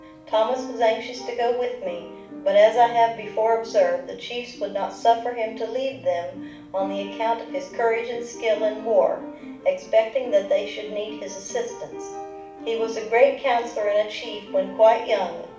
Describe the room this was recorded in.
A mid-sized room (about 5.7 m by 4.0 m).